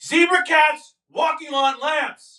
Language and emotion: English, angry